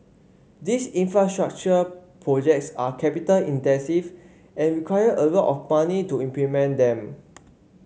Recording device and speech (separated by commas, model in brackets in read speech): mobile phone (Samsung C5), read sentence